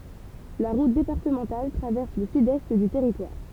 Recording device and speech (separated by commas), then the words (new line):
temple vibration pickup, read sentence
La route départementale traverse le sud-est du territoire.